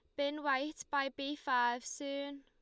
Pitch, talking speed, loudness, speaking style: 280 Hz, 165 wpm, -37 LUFS, Lombard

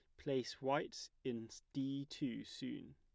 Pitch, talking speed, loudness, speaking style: 130 Hz, 130 wpm, -44 LUFS, plain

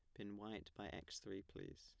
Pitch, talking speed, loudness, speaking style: 100 Hz, 225 wpm, -53 LUFS, plain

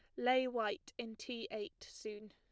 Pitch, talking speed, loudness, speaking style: 225 Hz, 170 wpm, -40 LUFS, plain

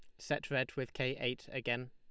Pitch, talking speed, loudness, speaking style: 130 Hz, 210 wpm, -38 LUFS, Lombard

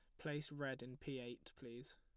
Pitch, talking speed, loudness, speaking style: 130 Hz, 205 wpm, -49 LUFS, plain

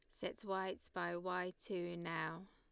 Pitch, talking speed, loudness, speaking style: 180 Hz, 155 wpm, -44 LUFS, Lombard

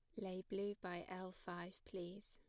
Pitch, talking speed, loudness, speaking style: 185 Hz, 170 wpm, -49 LUFS, plain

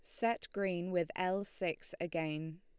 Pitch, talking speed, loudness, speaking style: 180 Hz, 150 wpm, -38 LUFS, Lombard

